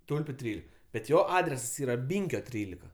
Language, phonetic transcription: Lithuanian, ˈtulpiu ˈtrylik bet ˈjo ˈadresas ˈyra ˈbynkio ˈtrylika

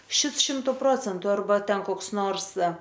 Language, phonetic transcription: Lithuanian, ˈšits ˈšimtu ˈprocentu arˈba ˈten koks ˈnors

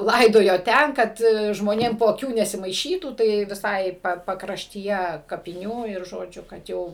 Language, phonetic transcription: Lithuanian, ˈlaidojo ˈten ˈkad žmoˈnėm po aˈkių nesimaiˈšytų tai viˈsai pakraštyˈje kapiˈnių ir žoˈdžiu kad ˈjau

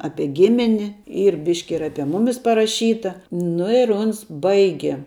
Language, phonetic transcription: Lithuanian, ˈapie ˈgimini ˈyr ˈbiški ir ˈapie ˈmumis paraˈšyta ˈnu ir ˈuns ˈbaige

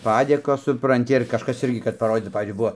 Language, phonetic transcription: Lithuanian, ˈpadėkos supranˈti ir kažˈkas ˈirgi kad paˈrodyt nu ˈpavyzdžiui ˈbuvo

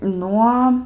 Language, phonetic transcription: Lithuanian, ˈnuo

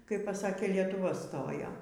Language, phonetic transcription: Lithuanian, kaip paˈsakė lietuˈva ˈstojo

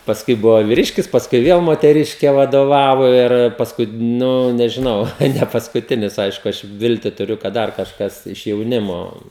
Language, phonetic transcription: Lithuanian, pasˈkui ˈbuvo viˈriškis pasˈkui ˈviel moteˈriške vadoˈvavo ir pasˈkui ˈnu nežiˈnau tai nepaskuˈtinis ˈaišku ˈaš ˈvilti tuˈriu kad ˈdar kažˈkas iš jauˈnimo

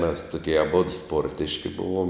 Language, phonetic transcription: Lithuanian, mes tuˈkie aˈbodu ˈsportiški ˈbuvom

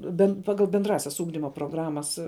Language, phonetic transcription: Lithuanian, bent ˈpagal benˈdrąsias ˈūgdimo proˈgramas

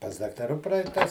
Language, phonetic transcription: Lithuanian, pas daktaˈrų ˈpraitas

